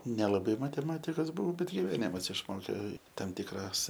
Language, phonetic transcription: Lithuanian, nelaˈbai mateˈmatikas ˈbuvau ˈbet giveˈnimas išˈmokė ˈtam ˈtikras

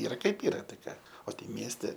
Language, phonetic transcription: Lithuanian, ˈyra kaip ˈyra tai ˈką o tai ˈmieste

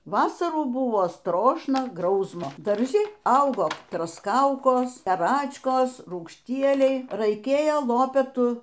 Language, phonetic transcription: Lithuanian, ˈvasarų ˈbuvo ˈstrošna ˈgrausmo darˈži ˈaugo trosˈkaukos paˈračkas rūgšˈtieliai raiˈkėjo ˈlopetu

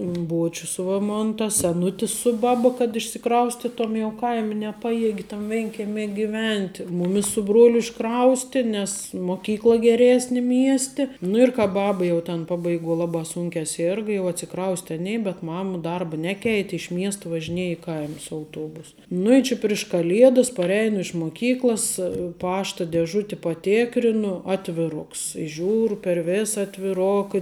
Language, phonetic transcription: Lithuanian, ˈbuočius va ˈmon tas seˈnutis su ˈbaba kad išsiˈkraustitom jau ˈkaim' neˈpajiegi tam ˈvėnkemi giˈvent' ˈmumis su ˈbruoliu išˈkrausti nes moˈkykla geˈresni ˈmiesti nu ir ka ˈbaba jau ten ˈpabaiˌguo ˈlabā ˈsūnkiā ˈsėrga jau atsiˈkrauste ˈanė bet ˈmama ˈdarba ˈneˌkeit' iš ˈmiesta važiˈnieja i ˈkaima su auˈtuobus nu i ˈči priš kaˈliedas parˈeinu iš moˈkyklas ˈpašta deˈžuti paˈtėkrinu ˈatviˌroks ˈžiūru per ˈvėsa atviˈroka

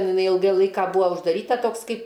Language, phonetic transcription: Lithuanian, ˈten iˈnai ˈilgai ˈlaika ˈbuvo uždaˈryta ˈtoks ˈkaip

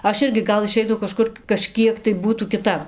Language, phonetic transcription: Lithuanian, ˈaš ˈirgi ˈgal iˈšeitau kaˈžkur kaˈžkiek tai ˈbūtų kiˈtap

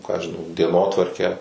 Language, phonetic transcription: Lithuanian, ˈką ˈaš žiˈnau dieˈnotvarkę

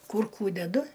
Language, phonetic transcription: Lithuanian, ˈkur ˈkų deˈdu

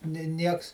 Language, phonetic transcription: Lithuanian, ni ˈnieks

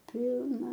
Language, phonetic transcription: Lithuanian, ˈpilna

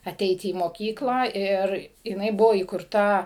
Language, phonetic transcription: Lithuanian, aˈteiti į moˈkyklą ˈir jiˈnai ˈbuvo įkurˈta

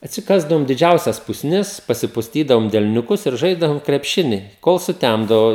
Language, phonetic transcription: Lithuanian, atsiˈkasdavom diˈdžiausias pusˈnis pasipusˈtydavom delniuˈkus ir ˈžaisdavom krepˈšini kol suˈtæmdavo

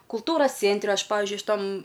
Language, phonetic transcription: Lithuanian, kulˈtūros ˈcėntre ˈaš ˈpavizdžiui šiˈtam

